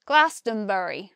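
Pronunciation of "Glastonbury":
'Glastonbury' is said with four syllables, in a West Country accent.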